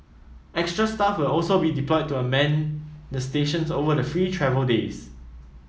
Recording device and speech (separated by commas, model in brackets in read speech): mobile phone (iPhone 7), read sentence